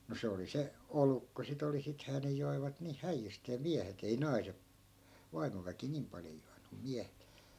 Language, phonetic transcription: Finnish, no 'se oli 'se , "oluk ko si't ‿oli 'sithää ne joivat niih 'häijjystee 'miähet ei "nai̮se- , 'vaimoväki 'niim paljo juanu (mum) 'miähet .
- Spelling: no se oli se olut kun sitä oli sittenhän ne joivat niin häijysteen miehet ei - vaimoväki niin paljon juonut mutta miehet

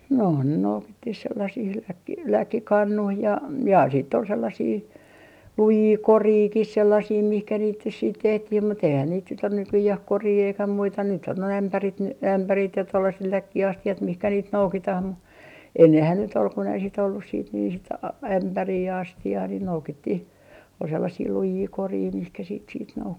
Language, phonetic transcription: Finnish, nò ne 'noukittih 'sellasih , läkki - "läkkikannuih ja ja siitt ‿ol 'sellasii , "lujii "koriikih 'sellasii mihkä niit nys siit 'tehtih mut ‿eihän niit nyt ‿on 'nykyjäh "korii eikä 'muita nyt ‿on noi 'ämpärit n- , 'ämpärit ja 'tollaset 'läkki₍asti₍at mihkä niit "noukitah mu , 'ennehän nyt ‿ol kun ‿ei sit ollus siit nii sit a- , 'ämpärii ja 'asti₍aa ni "noukittih , ol sellasii "lujii "korii mihkä siit siit 'noukki .
- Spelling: no ne noukittiin sellaisiin - läkkikannuihin ja ja sitten oli sellaisia lujia korejakin sellaisia mihin niitä nyt sitten tehtiin mutta eihän niitä nyt ole nykyään koria eikä muita nyt on nuo ämpärit - ämpärit ja tuollaiset läkkiastiat mihin niitä noukitaan mutta ennenhän nyt oli kun ei sitten ollut sitten niin sitten - ämpäriä ja astiaa niin noukittiin oli sellaisia lujia koreja mihin sitten sitten noukki

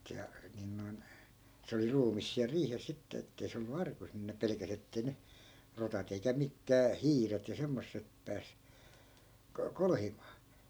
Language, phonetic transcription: Finnish, se (a-) , nin noi̮n , 'se oli 'ruumis siäl 'riihes sitte ettei 'se ollu 'arkus nin ne 'pelekäs ‿ettei ne , 'rotat ‿eikä 'mikkää "hiiret ja 'semmossep 'pääs , ko- , "kolhimaa .
- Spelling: se - niin noin se oli ruumis siellä riihessä sitten että ei se ollut arkussa niin ne pelkäsi että ei ne rotat eikä mitkään hiiret ja semmoiset pääse - kolhimaan

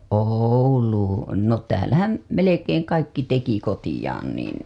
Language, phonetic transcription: Finnish, Òul̀uu , no täälähäm , 'melekeeŋ kaikki teki ko-tijaan niin̬ .
- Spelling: Ouluun no täällähän melkein kaikki teki kotiinsa niin

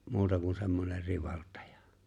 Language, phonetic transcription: Finnish, 'muuta kun̬ se̬mmoner 'rivalt̀ᴀᴊᴀ .
- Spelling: muuta kuin semmoinen rivaltaja

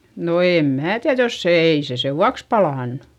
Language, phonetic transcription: Finnish, no èm mää tiäδ jos se - ei se sevvuaks palànnU .
- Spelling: no en minä tiedä jos se ei se sen vuoksi palanut

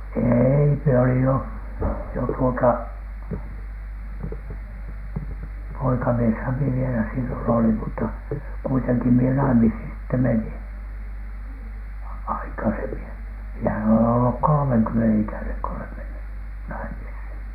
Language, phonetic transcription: Finnish, eei , mie olij 'jo , 'jo tuota , 'poikamieshäm mie vielä sillon olim mutta , kuiteŋki mie 'naimishin sitte "menin , 'aikasemi- , miehän olen olluk "kolᵒmeŋkymmenen 'ikäneŋ ko olem menny , 'naimishin .
- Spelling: ei minä olin jo jo tuota poikamieshän minä vielä silloin olin mutta kuitenkin minä naimisiin sitten menin - minähän olen ollut kolmenkymmenen ikäinen kun olen mennyt naimisiin

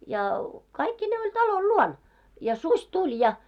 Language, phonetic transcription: Finnish, ja , 'kaikki'nee oĺ 'talol "luon , ja suś 'tuĺ ja .
- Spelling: ja kaikkineen oli talon luona ja susi tuli ja

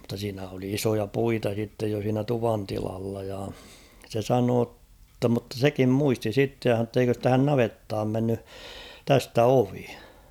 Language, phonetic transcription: Finnish, mᵘtta siinä oli 'isoja "puita sittej jo siinä 'tuvantilalla ja , se 'sanoo ‿tta mᵘtta "sekim 'muisti 'sitte ja h̬an̬oo ‿tt ‿eikös 'tähän "navettaam menny , 'tästä "ovi .
- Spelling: mutta siinä oli isoja puita sitten jo siinä tuvantilalla ja se sanoi jotta mutta sekin muisti sitten ja sanoi että eikös tähän navettaan mennyt tästä ovi

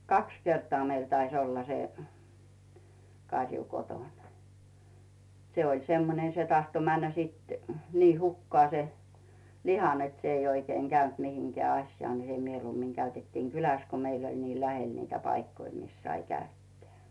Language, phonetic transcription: Finnish, kaks 'kertᵒa meil tais ‿olla se , 'kaŕju 'kotòn se oĺ 'semmone se tahto 'männä sìt , 'nii "hukkᵒà se , "liha net s ‿ei oikeiŋ 'Gäynt mihiŋkᵉä 'aśjᵒà ni se mieluummiŋ 'käytettiiŋ "kyläs ko 'meil ‿oĺ nii "lähel niitä paikkoi 'mis sai 'käytteä̀ .
- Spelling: kaksi kertaa meillä taisi olla se karju kotona se oli semmoinen se tahtoi mennä sitten niin hukkaan se liha että se ei oikein käynyt mihinkään asiaan niin se mieluummin käytettiin kylässä kun meillä oli niin lähellä niitä paikkoja missä sai käyttää

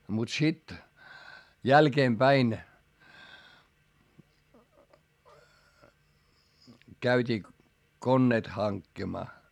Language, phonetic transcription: Finnish, mut sit , jälkeempäin , käyt́ii konneet haŋkkimaa .
- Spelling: mutta sitten jälkeenpäin käytiin koneet hankkimaan

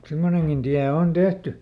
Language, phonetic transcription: Finnish, ˈsemmoneŋGin Diä on ˈon "Dehty !
- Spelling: semmoinenkin tie on on tehty

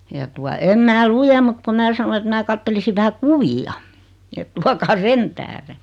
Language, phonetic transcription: Finnish, ja tua , em 'mää "lujem mut ku 'mää sano et 'mää kattelisi 'vähä "kuvi₍a , et 'tuakaa "sen tähre .
- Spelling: ja tuota en minä lue mutta kun minä sanoin että minä katselisin vähän kuvia että tuokaa sen tähden

